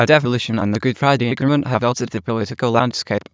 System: TTS, waveform concatenation